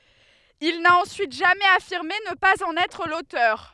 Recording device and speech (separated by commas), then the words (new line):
headset microphone, read sentence
Il n'a ensuite jamais affirmé ne pas en être l'auteur.